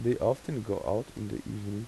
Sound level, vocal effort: 83 dB SPL, soft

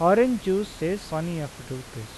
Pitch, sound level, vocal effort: 160 Hz, 87 dB SPL, normal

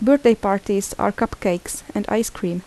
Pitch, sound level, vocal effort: 200 Hz, 79 dB SPL, soft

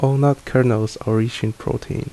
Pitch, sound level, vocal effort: 130 Hz, 74 dB SPL, soft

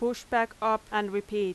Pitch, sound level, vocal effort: 215 Hz, 89 dB SPL, very loud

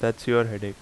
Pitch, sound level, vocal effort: 115 Hz, 82 dB SPL, normal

